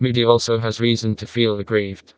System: TTS, vocoder